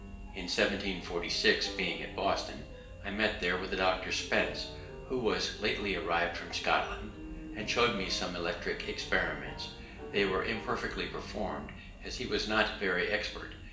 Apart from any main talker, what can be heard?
Music.